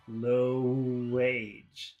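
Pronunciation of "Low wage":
'Low wage' is not rushed or cut short: all of the vowel sounds in the middle of the phrase are said.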